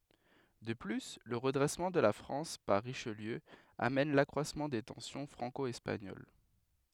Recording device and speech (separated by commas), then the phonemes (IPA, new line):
headset microphone, read sentence
də ply lə ʁədʁɛsmɑ̃ də la fʁɑ̃s paʁ ʁiʃliø amɛn lakʁwasmɑ̃ de tɑ̃sjɔ̃ fʁɑ̃ko ɛspaɲol